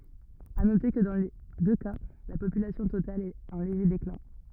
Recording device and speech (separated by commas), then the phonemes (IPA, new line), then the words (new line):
rigid in-ear microphone, read sentence
a note kə dɑ̃ le dø ka la popylasjɔ̃ total ɛt ɑ̃ leʒe deklɛ̃
À noter que dans les deux cas la population totale est en léger déclin.